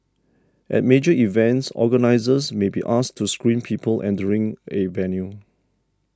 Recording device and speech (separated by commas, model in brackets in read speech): standing microphone (AKG C214), read sentence